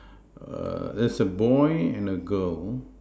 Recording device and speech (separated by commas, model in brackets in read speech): standing microphone, conversation in separate rooms